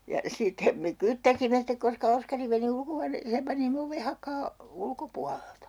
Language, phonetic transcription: Finnish, ja 'sitte , me "kyttäsimme stek koska 'Oskari meni 'ulkohuaneeseem 'panimme ove "hakaa , 'ulkopualelta .
- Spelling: ja sitten me kyttäsimme sitten koska Oskari meni ulkohuoneeseen panimme oven hakaan ulkopuolelta

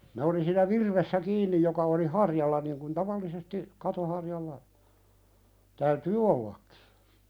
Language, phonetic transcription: Finnish, ne oli siinä "virvessä 'kiinnij joka oli "harjalla niŋ kun 'tavallisesti , 'kato harjalla , täytyy "ollakkɪ .
- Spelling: ne oli siinä virvessä kiinni joka oli harjalla niin kuin tavallisesti katon harjalla täytyy ollakin

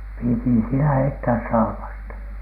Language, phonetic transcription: Finnish, pìti siinä 'heittääs 'saapasta .
- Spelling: piti siinä heittää saapasta

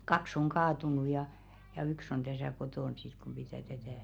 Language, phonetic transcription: Finnish, 'kaks oŋ "kaatunu ja , ja yks on täsä̀ 'kotòn sit kum pitä̀ tätä̀ .
- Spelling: kaksi on kaatunut ja ja yksi on tässä kotona sitten kun pitää tätä

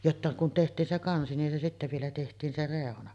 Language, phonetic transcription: Finnish, 'jotta kun teht̀iin se 'kansi nin se sittä vielä teht̀iin 'se "rèona .
- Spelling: jotta kun tehtiin se kansi niin se sitten vielä tehtiin se reuna

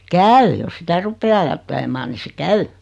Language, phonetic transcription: Finnish, käy jos "sitä 'ruppee ajattelemaan ni se "käy .
- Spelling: käy jos sitä rupeaa ajattelemaan niin se käy

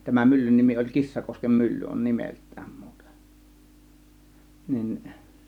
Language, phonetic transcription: Finnish, 'tämän 'myllyn 'nimi oĺ "Kissakoskem 'mylly on "nimelt̆tÄÄM MUUtE , 'nin .
- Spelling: tämän myllyn nimi oli Kissakosken mylly on nimeltään muuten niin

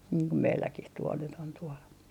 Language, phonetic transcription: Finnish, niiŋ ko 'meilläkih tuol nyt ‿on tuol .
- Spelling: niin kuin meilläkin tuolla nyt on tuolla

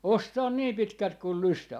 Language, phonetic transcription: Finnish, "ostaan 'nii 'pitkält kul "lystää .
- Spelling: ostaa niin pitkälti kuin lystää

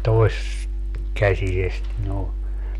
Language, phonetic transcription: Finnish, 'tois- , -'käsisest noo .
- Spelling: - toiskäsisestä noin

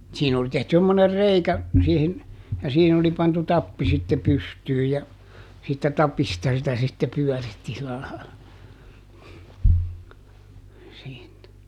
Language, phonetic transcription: Finnish, ˈsiin ‿oli tehty semmoner "reikä , siihin , ja siihin ‿oli pantu "tappi sitte ˈpystyyj ja , siittä "tapista sitä sitte ˈpyɔ̈̀ritti silä laila , (siitä) .
- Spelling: siinä oli tehty semmoinen reikä siihen ja siihen oli pantu tappi sitten pystyyn ja siitä tapista sitä sitten pyöritti sillä lailla siitä

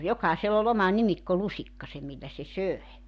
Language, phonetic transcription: Finnish, "jokàisell ‿o'l ‿oma "nimikkolusikkase 'millä se "söe .
- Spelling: jokaisella oli oma nimikkolusikkansa millä se söi

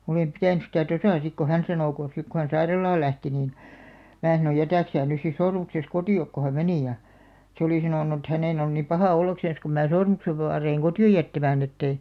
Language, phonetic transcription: Finnish, 'olèm 'pitä̀ny stä "tosà sik ko 'hän sanò ko , sik ko 'hän "sairalaal 'lähti niin , mää sano » 'jätä̀k sää nys sis 'sormukses "kotì₍ok « ko hä 'meni ja , 'se olì 'sanònu ᵉt 'hänèn on nim "pahà 'ollaksen̬§s kum mää 'sormuksev 'vaareiŋ "koti₍oj 'jättämään ‿etteⁱ ,.
- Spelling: olen pitänyt sitä tuossa sitten kun hän sanoi kun sitten kun hän sairaalaan lähti niin minä sanoin jätä sinä nyt sitten sormuksesi kotiin kun hän meni ja se oli sanonut että hänen on niin paha olla kun minä sormuksen vaadin kotiin jättämään että ei

